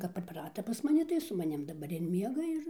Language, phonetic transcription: Lithuanian, kap pripˈrata pas maˈni tai su maˈnim daˈbar ir ˈmiega ir

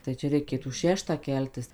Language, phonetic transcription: Lithuanian, tai ˈčia reiˈkėtų ˈšeštą ˈkeltis

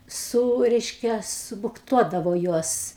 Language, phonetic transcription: Lithuanian, ˈsū ˈreiškia subukˈtuodavo ˈjuos

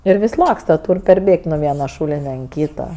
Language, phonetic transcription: Lithuanian, ir ˈvis' ˈlaksta ˈtūr' perˈbėg't' nu ˈviena ˈšūline an ˈkyta

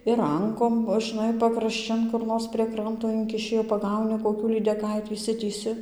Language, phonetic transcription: Lithuanian, ir ˈrankom žɨnai pakrašˈčin kur ˈnors prie ˈkranto ˈinkiši jau paˈgauni koˈkių lydeˈkaitį išˈsitįsi

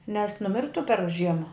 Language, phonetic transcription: Lithuanian, nes nuˈmirtu per ˈžiema

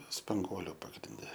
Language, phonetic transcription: Lithuanian, spanˈguoliu pagrinˈde

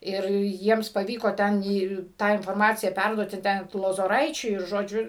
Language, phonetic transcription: Lithuanian, ˈir ˈjiems paˈvyko ˈten ˈį ˈtą inforˈmaciją ˈperduoti ˈten t lozoˈraičiui ir ˈžodžiu

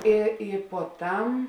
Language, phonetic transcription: Lithuanian, ˈi ˈi puoˈtam

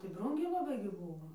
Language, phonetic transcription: Lithuanian, tai ˈbrūngiai laˈbai gi ˈbūvo

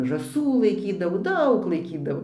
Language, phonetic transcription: Lithuanian, žąˈsų laiˈkydavo ˈdaug laiˈkydavo

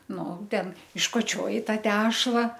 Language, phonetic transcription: Lithuanian, ˈnu ˈten iškoˈčioji ˈtą ˈtešla

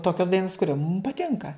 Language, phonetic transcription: Lithuanian, ˈtokios ˈdainos kuˈrio mum paˈtinka

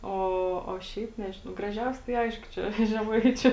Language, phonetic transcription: Lithuanian, ˈo o ˈšiaip ˈnežinau graˈžiausia tai ˈaišku ˈčia žeˈmaičiu

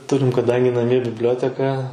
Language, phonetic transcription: Lithuanian, ˈturim kaˈdangi naˈmie bibˈlioteka

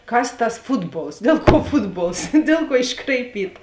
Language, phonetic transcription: Lithuanian, ˈkas tas ˈfutˌbols ˈdel kuo ˈfutˌbols ˈdėl ˌkuo iškraiˈpyta

